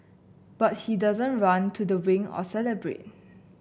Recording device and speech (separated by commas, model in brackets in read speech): boundary microphone (BM630), read sentence